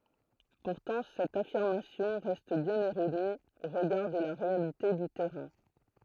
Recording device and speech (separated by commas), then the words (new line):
throat microphone, read sentence
Pourtant cette affirmation reste bien erronée au regard de la réalité du terrain.